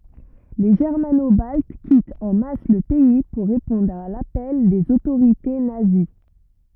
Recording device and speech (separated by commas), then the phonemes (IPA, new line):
rigid in-ear microphone, read sentence
le ʒɛʁmano balt kitt ɑ̃ mas lə pɛi puʁ ʁepɔ̃dʁ a lapɛl dez otoʁite nazi